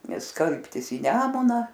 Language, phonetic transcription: Lithuanian, ˈnes ˈskalbtis į ˈnemuna

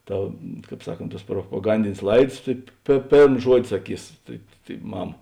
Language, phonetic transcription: Lithuanian, ˈta ˈkāp ˈsaˌkont ˈtuos propoˈgandinės ˈlaids tai pė ˈpėrm ˈžuodi saˈkys tai tai ˈmam

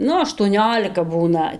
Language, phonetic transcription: Lithuanian, ˈnu aštuoˈniolika ˈbūna

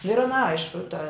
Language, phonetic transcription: Lithuanian, nu ir an ˈaišku ta

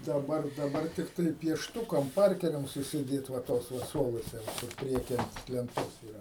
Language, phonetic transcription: Lithuanian, daˈbar daˈbar ˈtiktai piešˈtukam ˈparkeriam susiˈdėt va ˈtos va ˈsuoluose va ˈkur ˈprieky ˈant lenˈtos yˈra

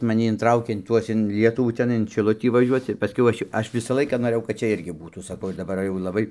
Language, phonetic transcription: Lithuanian, maˈni inˈtraukė in ˈtuos in ˈlietuvų ˈtenai in šiˈlutį vaˈžiuoc ir paˈskiau ˈaš jo ˈaš ˈvisa ˈlaika noˈrɘjau kad ˈčia ˈirgi ˈbūtų saˈkau ir daˈbar jau laˈbai

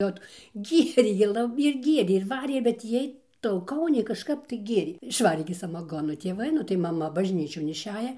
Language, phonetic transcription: Lithuanian, ˈot ˈgierė ir ˈla ir ˈgierė ir ˈvarė bet ˈjiej tauˈkauniai kažˈkap tai ˈgėrė išˈvarė gi samaˈgono tėˈvai nu tai maˈma bažˈnyčion išˈeja

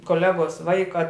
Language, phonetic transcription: Lithuanian, koˈlegos ˈvaika

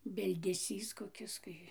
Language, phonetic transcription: Lithuanian, bildeˈsys koˈkis ˈkai

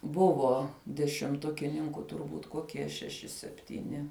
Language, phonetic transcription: Lithuanian, ˈbuvo dešimˈtukininku turˈbūt koˈkie šeˈši septyˈni

